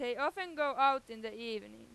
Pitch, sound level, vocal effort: 245 Hz, 100 dB SPL, very loud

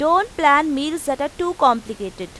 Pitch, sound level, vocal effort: 285 Hz, 93 dB SPL, very loud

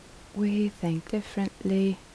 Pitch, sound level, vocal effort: 200 Hz, 73 dB SPL, soft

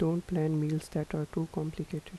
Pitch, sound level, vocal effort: 160 Hz, 77 dB SPL, soft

